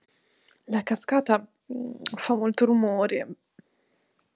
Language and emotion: Italian, disgusted